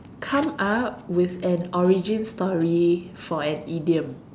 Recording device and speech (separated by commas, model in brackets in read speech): standing microphone, conversation in separate rooms